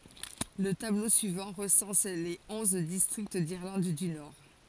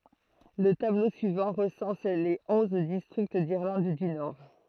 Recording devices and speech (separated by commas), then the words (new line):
forehead accelerometer, throat microphone, read sentence
Le tableau suivant recense les onze districts d'Irlande du Nord.